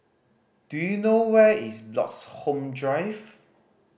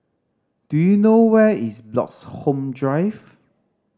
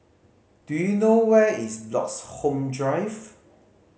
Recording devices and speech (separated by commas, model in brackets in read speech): boundary microphone (BM630), standing microphone (AKG C214), mobile phone (Samsung C5010), read sentence